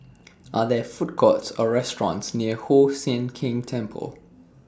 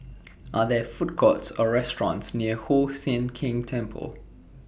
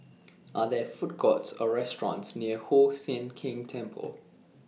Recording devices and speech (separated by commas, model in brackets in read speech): standing microphone (AKG C214), boundary microphone (BM630), mobile phone (iPhone 6), read sentence